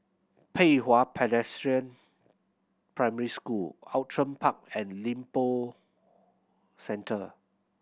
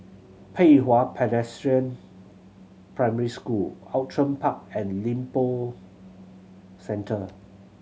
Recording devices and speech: boundary microphone (BM630), mobile phone (Samsung C7100), read sentence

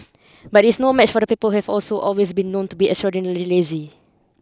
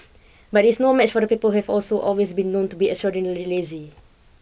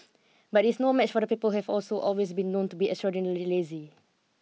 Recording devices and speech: close-talking microphone (WH20), boundary microphone (BM630), mobile phone (iPhone 6), read sentence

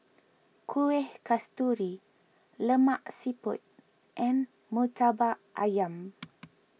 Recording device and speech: mobile phone (iPhone 6), read sentence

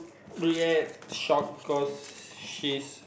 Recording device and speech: boundary microphone, conversation in the same room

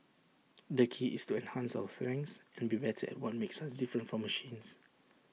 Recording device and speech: mobile phone (iPhone 6), read sentence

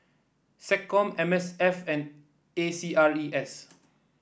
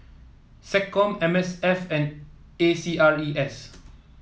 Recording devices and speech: boundary microphone (BM630), mobile phone (iPhone 7), read sentence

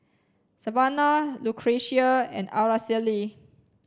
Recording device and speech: standing microphone (AKG C214), read sentence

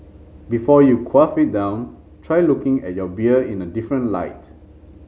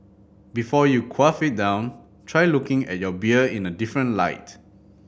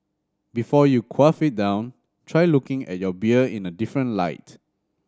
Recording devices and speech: mobile phone (Samsung C5010), boundary microphone (BM630), standing microphone (AKG C214), read sentence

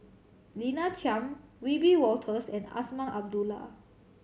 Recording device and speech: mobile phone (Samsung C7100), read sentence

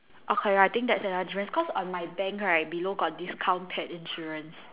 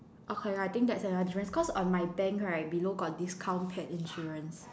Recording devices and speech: telephone, standing microphone, conversation in separate rooms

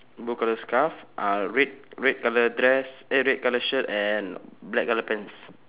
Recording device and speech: telephone, conversation in separate rooms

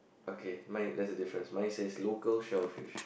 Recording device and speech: boundary microphone, conversation in the same room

